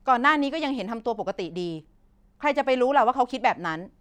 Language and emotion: Thai, angry